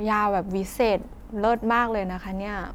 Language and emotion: Thai, happy